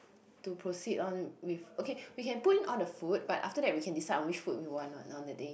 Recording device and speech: boundary microphone, conversation in the same room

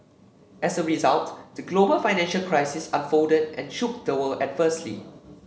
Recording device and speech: mobile phone (Samsung C7), read sentence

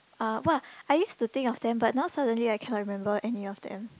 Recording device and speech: close-talking microphone, conversation in the same room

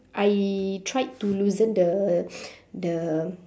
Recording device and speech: standing microphone, conversation in separate rooms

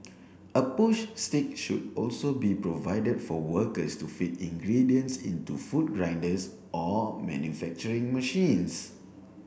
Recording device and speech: boundary microphone (BM630), read sentence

